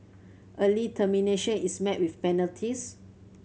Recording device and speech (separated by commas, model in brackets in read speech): mobile phone (Samsung C7100), read sentence